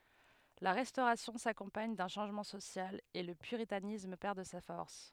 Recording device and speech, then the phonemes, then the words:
headset microphone, read sentence
la ʁɛstoʁasjɔ̃ sakɔ̃paɲ dœ̃ ʃɑ̃ʒmɑ̃ sosjal e lə pyʁitanism pɛʁ də sa fɔʁs
La Restauration s'accompagne d'un changement social, et le puritanisme perd de sa force.

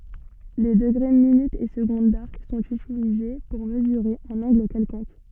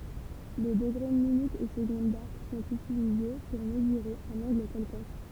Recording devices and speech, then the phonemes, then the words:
soft in-ear microphone, temple vibration pickup, read sentence
le dəɡʁe minytz e səɡɔ̃d daʁk sɔ̃t ytilize puʁ məzyʁe œ̃n ɑ̃ɡl kɛlkɔ̃k
Les degrés, minutes et secondes d'arc sont utilisés pour mesurer un angle quelconque.

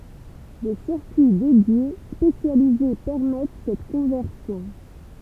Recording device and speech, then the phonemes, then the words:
temple vibration pickup, read sentence
de siʁkyi dedje spesjalize pɛʁmɛt sɛt kɔ̃vɛʁsjɔ̃
Des circuits dédiés spécialisés permettent cette conversion.

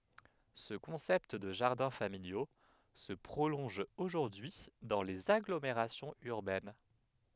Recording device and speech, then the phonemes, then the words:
headset microphone, read sentence
sə kɔ̃sɛpt də ʒaʁdɛ̃ familjo sə pʁolɔ̃ʒ oʒuʁdyi dɑ̃ lez aɡlomeʁasjɔ̃z yʁbɛn
Ce concept de jardins familiaux se prolonge aujourd'hui dans les agglomérations urbaines.

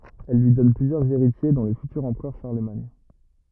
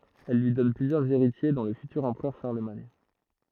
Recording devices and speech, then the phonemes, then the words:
rigid in-ear microphone, throat microphone, read sentence
ɛl lyi dɔn plyzjœʁz eʁitje dɔ̃ lə fytyʁ ɑ̃pʁœʁ ʃaʁləmaɲ
Elle lui donne plusieurs héritiers dont le futur empereur Charlemagne.

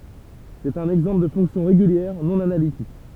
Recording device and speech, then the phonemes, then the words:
temple vibration pickup, read sentence
sɛt œ̃n ɛɡzɑ̃pl də fɔ̃ksjɔ̃ ʁeɡyljɛʁ nɔ̃ analitik
C'est un exemple de fonction régulière non analytique.

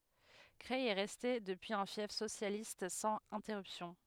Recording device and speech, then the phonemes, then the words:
headset microphone, read sentence
kʁɛj ɛ ʁɛste dəpyiz œ̃ fjɛf sosjalist sɑ̃z ɛ̃tɛʁypsjɔ̃
Creil est resté depuis un fief socialiste sans interruption.

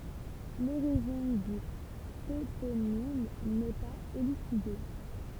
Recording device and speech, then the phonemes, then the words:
temple vibration pickup, read sentence
loʁiʒin dy toponim nɛ paz elyside
L'origine du toponyme n'est pas élucidée.

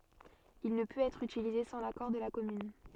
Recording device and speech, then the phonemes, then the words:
soft in-ear microphone, read sentence
il nə pøt ɛtʁ ytilize sɑ̃ lakɔʁ də la kɔmyn
Il ne peut être utilisé sans l'accord de la commune.

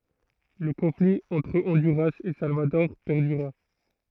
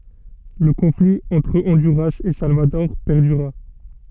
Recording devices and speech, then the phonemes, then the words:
throat microphone, soft in-ear microphone, read sentence
lə kɔ̃fli ɑ̃tʁ ɔ̃dyʁas e salvadɔʁ pɛʁdyʁa
Le conflit entre Honduras et Salvador perdura.

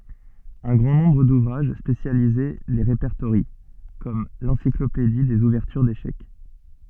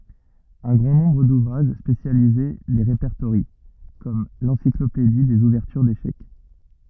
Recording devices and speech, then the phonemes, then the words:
soft in-ear microphone, rigid in-ear microphone, read sentence
œ̃ ɡʁɑ̃ nɔ̃bʁ duvʁaʒ spesjalize le ʁepɛʁtoʁjɑ̃ kɔm lɑ̃siklopedi dez uvɛʁtyʁ deʃɛk
Un grand nombre d'ouvrages spécialisés les répertorient, comme l'Encyclopédie des ouvertures d'échecs.

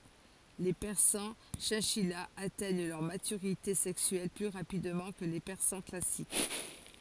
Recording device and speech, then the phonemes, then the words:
forehead accelerometer, read sentence
le pɛʁsɑ̃ ʃɛ̃ʃijaz atɛɲ lœʁ matyʁite sɛksyɛl ply ʁapidmɑ̃ kə le pɛʁsɑ̃ klasik
Les persans chinchillas atteignent leur maturité sexuelle plus rapidement que les persans classiques.

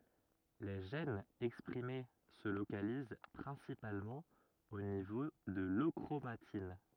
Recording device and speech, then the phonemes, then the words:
rigid in-ear microphone, read sentence
le ʒɛnz ɛkspʁime sə lokaliz pʁɛ̃sipalmɑ̃ o nivo də løkʁomatin
Les gènes exprimés se localisent principalement au niveau de l'euchromatine.

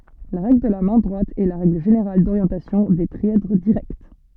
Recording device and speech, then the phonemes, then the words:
soft in-ear microphone, read sentence
la ʁɛɡl də la mɛ̃ dʁwat ɛ la ʁɛɡl ʒeneʁal doʁjɑ̃tasjɔ̃ de tʁiɛdʁ diʁɛkt
La règle de la main droite est la règle générale d'orientation des trièdres directs.

